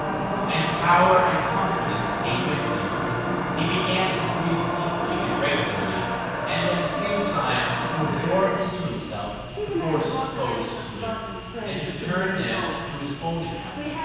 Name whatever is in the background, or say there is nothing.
A television.